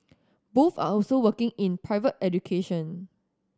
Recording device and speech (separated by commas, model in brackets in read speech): standing microphone (AKG C214), read sentence